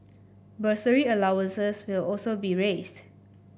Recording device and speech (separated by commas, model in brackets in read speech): boundary microphone (BM630), read sentence